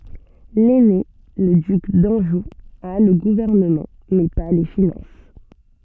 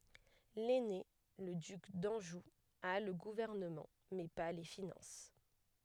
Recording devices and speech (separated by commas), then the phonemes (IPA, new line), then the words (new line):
soft in-ear microphone, headset microphone, read sentence
lɛne lə dyk dɑ̃ʒu a lə ɡuvɛʁnəmɑ̃ mɛ pa le finɑ̃s
L'aîné, le duc d'Anjou, a le gouvernement, mais pas les finances.